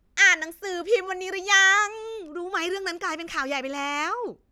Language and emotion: Thai, happy